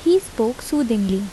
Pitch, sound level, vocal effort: 235 Hz, 78 dB SPL, soft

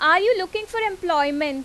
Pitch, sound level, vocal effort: 355 Hz, 93 dB SPL, very loud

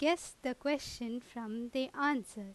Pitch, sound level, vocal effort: 255 Hz, 88 dB SPL, loud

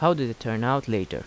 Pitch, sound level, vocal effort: 120 Hz, 82 dB SPL, normal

